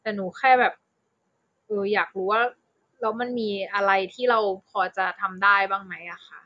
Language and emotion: Thai, frustrated